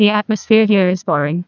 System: TTS, neural waveform model